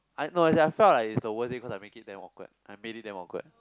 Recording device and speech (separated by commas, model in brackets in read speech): close-talking microphone, conversation in the same room